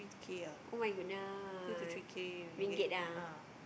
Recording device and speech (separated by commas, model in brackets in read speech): boundary microphone, conversation in the same room